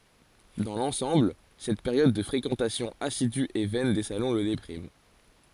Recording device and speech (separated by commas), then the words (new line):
forehead accelerometer, read sentence
Dans l’ensemble, cette période de fréquentation assidue et vaine des salons le déprime.